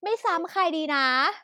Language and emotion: Thai, happy